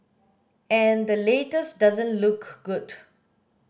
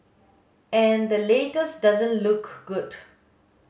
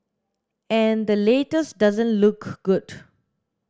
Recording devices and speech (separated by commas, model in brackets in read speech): boundary microphone (BM630), mobile phone (Samsung S8), standing microphone (AKG C214), read sentence